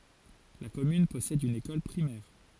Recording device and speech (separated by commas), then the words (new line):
forehead accelerometer, read sentence
La commune possède une école primaire.